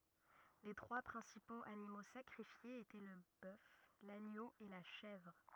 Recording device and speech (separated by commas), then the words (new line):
rigid in-ear microphone, read sentence
Les trois principaux animaux sacrifiés étaient le bœuf, l'agneau et la chèvre.